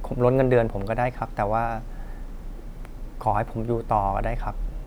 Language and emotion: Thai, frustrated